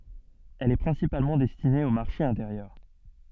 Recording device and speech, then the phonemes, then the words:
soft in-ear microphone, read sentence
ɛl ɛ pʁɛ̃sipalmɑ̃ dɛstine o maʁʃe ɛ̃teʁjœʁ
Elle est principalement destinée au marché intérieur.

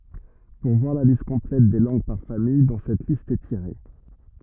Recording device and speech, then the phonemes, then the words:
rigid in-ear microphone, read sentence
puʁ vwaʁ la list kɔ̃plɛt de lɑ̃ɡ paʁ famij dɔ̃ sɛt list ɛ tiʁe
Pour voir la liste complète des langues par famille dont cette liste est tirée.

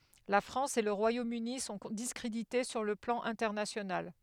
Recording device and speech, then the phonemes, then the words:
headset microphone, read sentence
la fʁɑ̃s e lə ʁwajomøni sɔ̃ diskʁedite syʁ lə plɑ̃ ɛ̃tɛʁnasjonal
La France et le Royaume-Uni sont discrédités sur le plan international.

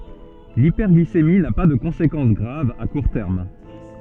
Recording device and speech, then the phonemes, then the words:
soft in-ear microphone, read sentence
lipɛʁɡlisemi na pa də kɔ̃sekɑ̃s ɡʁav a kuʁ tɛʁm
L'hyperglycémie n'a pas de conséquence grave à court terme.

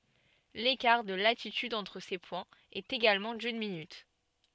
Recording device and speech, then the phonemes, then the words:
soft in-ear microphone, read sentence
lekaʁ də latityd ɑ̃tʁ se pwɛ̃z ɛt eɡalmɑ̃ dyn minyt
L'écart de latitude entre ces points est également d'une minute.

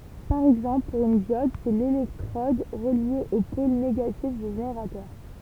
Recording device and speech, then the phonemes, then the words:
temple vibration pickup, read sentence
paʁ ɛɡzɑ̃pl puʁ yn djɔd sɛ lelɛktʁɔd ʁəlje o pol neɡatif dy ʒeneʁatœʁ
Par exemple, pour une diode, c'est l'électrode reliée au pôle négatif du générateur.

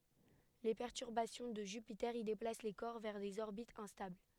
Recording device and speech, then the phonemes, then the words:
headset microphone, read sentence
le pɛʁtyʁbasjɔ̃ də ʒypite i deplas le kɔʁ vɛʁ dez ɔʁbitz ɛ̃stabl
Les perturbations de Jupiter y déplacent les corps vers des orbites instables.

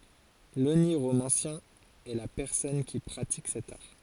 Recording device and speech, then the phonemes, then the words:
forehead accelerometer, read sentence
loniʁomɑ̃sjɛ̃ ɛ la pɛʁsɔn ki pʁatik sɛt aʁ
L’oniromancien est la personne qui pratique cet art.

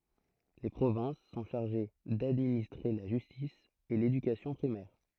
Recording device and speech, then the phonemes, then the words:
throat microphone, read sentence
le pʁovɛ̃s sɔ̃ ʃaʁʒe dadministʁe la ʒystis e ledykasjɔ̃ pʁimɛʁ
Les provinces sont chargées d'administrer la justice et l'éducation primaire.

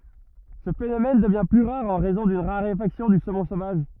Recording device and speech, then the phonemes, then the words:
rigid in-ear microphone, read sentence
sə fenomɛn dəvjɛ̃ ply ʁaʁ ɑ̃ ʁɛzɔ̃ dyn ʁaʁefaksjɔ̃ dy somɔ̃ sovaʒ
Ce phénomène devient plus rare en raison d'une raréfaction du saumon sauvage.

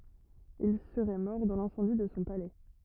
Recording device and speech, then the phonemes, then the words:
rigid in-ear microphone, read sentence
il səʁɛ mɔʁ dɑ̃ lɛ̃sɑ̃di də sɔ̃ palɛ
Il serait mort dans l'incendie de son palais.

